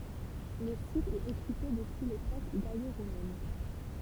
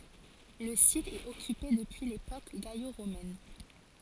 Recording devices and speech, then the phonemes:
temple vibration pickup, forehead accelerometer, read sentence
lə sit ɛt ɔkype dəpyi lepok ɡalo ʁomɛn

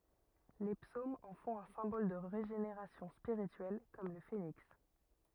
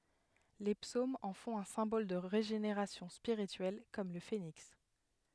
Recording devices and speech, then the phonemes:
rigid in-ear microphone, headset microphone, read sentence
le psomz ɑ̃ fɔ̃t œ̃ sɛ̃bɔl də ʁeʒeneʁasjɔ̃ spiʁityɛl kɔm lə feniks

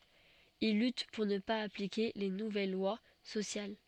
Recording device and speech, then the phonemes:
soft in-ear microphone, read sentence
il lyt puʁ nə paz aplike le nuvɛl lwa sosjal

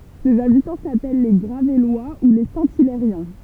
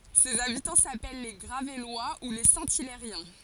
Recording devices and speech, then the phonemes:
temple vibration pickup, forehead accelerometer, read sentence
sez abitɑ̃ sapɛl le ɡʁavɛlwa u le sɛ̃ ilɛʁjɛ̃

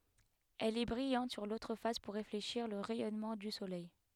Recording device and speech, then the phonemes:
headset microphone, read sentence
ɛl ɛ bʁijɑ̃t syʁ lotʁ fas puʁ ʁefleʃiʁ lə ʁɛjɔnmɑ̃ dy solɛj

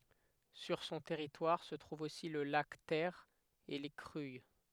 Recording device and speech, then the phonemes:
headset microphone, read sentence
syʁ sɔ̃ tɛʁitwaʁ sə tʁuv osi lə lak tɛʁ e le kʁyij

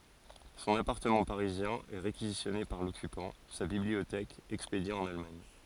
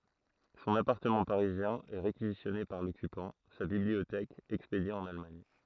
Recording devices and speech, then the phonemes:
forehead accelerometer, throat microphone, read sentence
sɔ̃n apaʁtəmɑ̃ paʁizjɛ̃ ɛ ʁekizisjɔne paʁ lɔkypɑ̃ sa bibliotɛk ɛkspedje ɑ̃n almaɲ

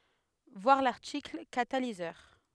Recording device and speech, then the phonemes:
headset microphone, read sentence
vwaʁ laʁtikl katalizœʁ

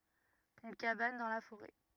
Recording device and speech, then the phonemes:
rigid in-ear microphone, read sentence
yn kaban dɑ̃ la foʁɛ

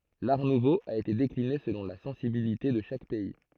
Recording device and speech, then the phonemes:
throat microphone, read sentence
laʁ nuvo a ete dekline səlɔ̃ la sɑ̃sibilite də ʃak pɛi

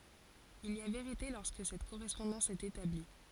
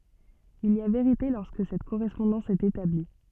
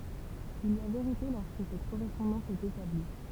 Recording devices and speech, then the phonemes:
forehead accelerometer, soft in-ear microphone, temple vibration pickup, read sentence
il i a veʁite lɔʁskə sɛt koʁɛspɔ̃dɑ̃s ɛt etabli

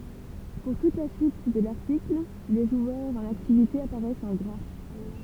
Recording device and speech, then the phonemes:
temple vibration pickup, read sentence
puʁ tut la syit də laʁtikl le ʒwœʁz ɑ̃n aktivite apaʁɛst ɑ̃ ɡʁa

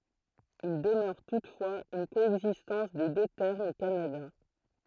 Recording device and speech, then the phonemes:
throat microphone, read sentence
il dəmœʁ tutfwaz yn koɛɡzistɑ̃s de dø tɛʁmz o kanada

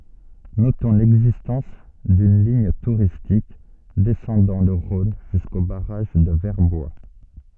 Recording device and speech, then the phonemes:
soft in-ear microphone, read sentence
notɔ̃ lɛɡzistɑ̃s dyn liɲ tuʁistik dɛsɑ̃dɑ̃ lə ʁɔ̃n ʒysko baʁaʒ də vɛʁbwa

